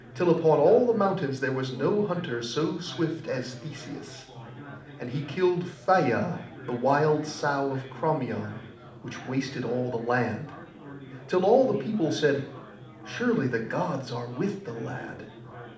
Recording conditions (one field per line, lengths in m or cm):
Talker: one person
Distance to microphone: 2.0 m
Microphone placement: close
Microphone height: 99 cm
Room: medium-sized (5.7 m by 4.0 m)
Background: babble